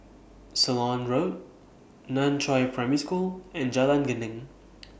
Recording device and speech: boundary microphone (BM630), read sentence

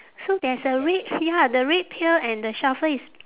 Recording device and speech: telephone, conversation in separate rooms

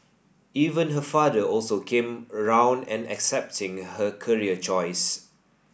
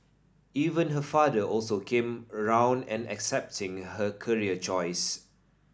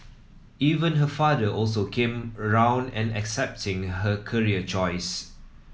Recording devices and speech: boundary microphone (BM630), standing microphone (AKG C214), mobile phone (iPhone 7), read sentence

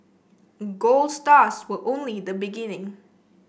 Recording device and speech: boundary microphone (BM630), read sentence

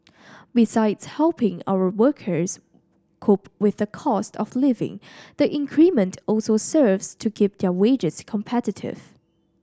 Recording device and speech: standing microphone (AKG C214), read sentence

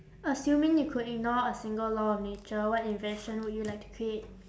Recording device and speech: standing microphone, conversation in separate rooms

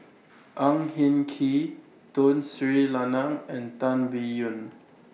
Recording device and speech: mobile phone (iPhone 6), read sentence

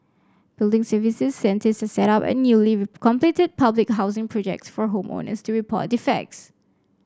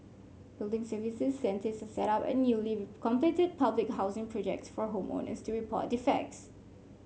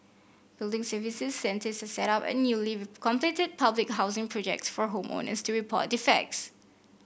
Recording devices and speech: standing microphone (AKG C214), mobile phone (Samsung C5), boundary microphone (BM630), read sentence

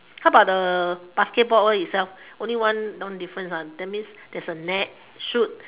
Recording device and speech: telephone, conversation in separate rooms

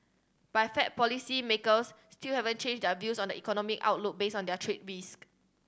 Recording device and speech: standing microphone (AKG C214), read sentence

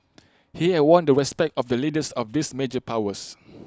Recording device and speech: close-talking microphone (WH20), read sentence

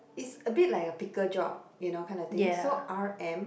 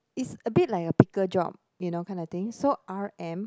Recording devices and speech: boundary microphone, close-talking microphone, conversation in the same room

